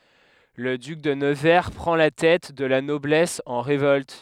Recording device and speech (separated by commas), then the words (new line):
headset microphone, read sentence
Le duc de Nevers prend la tête de la noblesse en révolte.